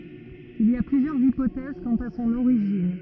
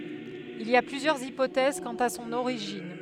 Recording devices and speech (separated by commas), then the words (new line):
rigid in-ear microphone, headset microphone, read sentence
Il y a plusieurs hypothèses quant à son origine.